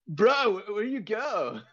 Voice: american jock voice